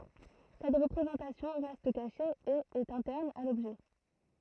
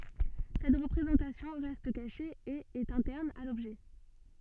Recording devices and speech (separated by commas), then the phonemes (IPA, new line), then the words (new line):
throat microphone, soft in-ear microphone, read sentence
sɛt ʁəpʁezɑ̃tasjɔ̃ ʁɛst kaʃe e ɛt ɛ̃tɛʁn a lɔbʒɛ
Cette représentation reste cachée et est interne à l'objet.